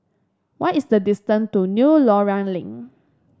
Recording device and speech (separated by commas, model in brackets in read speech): standing microphone (AKG C214), read sentence